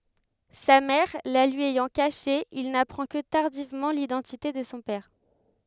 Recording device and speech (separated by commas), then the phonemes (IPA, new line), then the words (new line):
headset microphone, read sentence
sa mɛʁ la lyi ɛjɑ̃ kaʃe il napʁɑ̃ kə taʁdivmɑ̃ lidɑ̃tite də sɔ̃ pɛʁ
Sa mère la lui ayant cachée, il n'apprend que tardivement l'identité de son père.